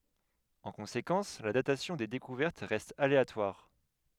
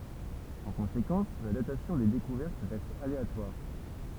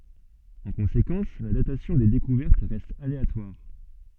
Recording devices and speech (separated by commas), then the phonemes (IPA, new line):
headset microphone, temple vibration pickup, soft in-ear microphone, read sentence
ɑ̃ kɔ̃sekɑ̃s la datasjɔ̃ de dekuvɛʁt ʁɛst aleatwaʁ